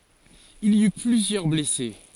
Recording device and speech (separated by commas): forehead accelerometer, read sentence